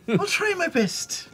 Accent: "Irish" accent